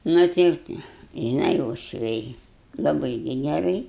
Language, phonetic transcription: Lithuanian, ˈnu tai žiˈnai uošˈviai laˈbɨi gi geˈrai

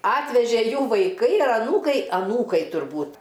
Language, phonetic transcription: Lithuanian, ˈatvežė ˈjų vaiˈkai ar aˈnūkai aˈnūkai turˈbūt

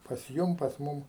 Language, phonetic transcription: Lithuanian, pas ˈjum pas ˈmum

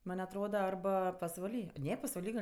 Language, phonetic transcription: Lithuanian, ˈman' atˈroda arˈba pasvaˈly ˈne pasvaˈly gal'

